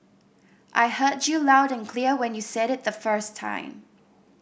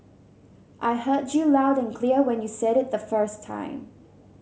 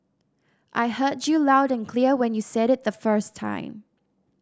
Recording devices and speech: boundary microphone (BM630), mobile phone (Samsung C7100), standing microphone (AKG C214), read sentence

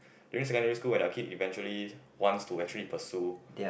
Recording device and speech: boundary microphone, conversation in the same room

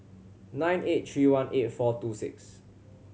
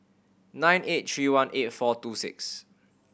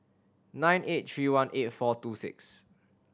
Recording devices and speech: mobile phone (Samsung C7100), boundary microphone (BM630), standing microphone (AKG C214), read sentence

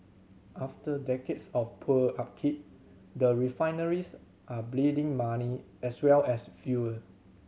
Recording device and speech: mobile phone (Samsung C7100), read sentence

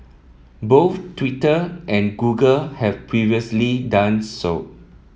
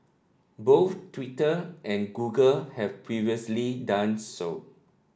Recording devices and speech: mobile phone (iPhone 7), standing microphone (AKG C214), read sentence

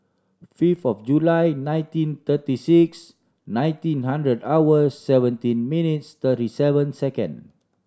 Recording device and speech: standing microphone (AKG C214), read sentence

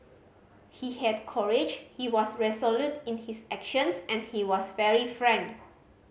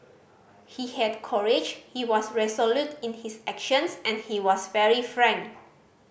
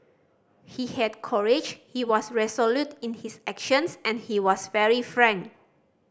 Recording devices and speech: mobile phone (Samsung C5010), boundary microphone (BM630), standing microphone (AKG C214), read sentence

